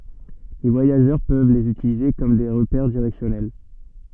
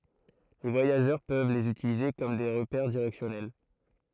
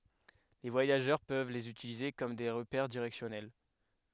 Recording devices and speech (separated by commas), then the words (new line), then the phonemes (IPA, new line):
soft in-ear microphone, throat microphone, headset microphone, read sentence
Les voyageurs peuvent les utiliser comme des repères directionnels.
le vwajaʒœʁ pøv lez ytilize kɔm de ʁəpɛʁ diʁɛksjɔnɛl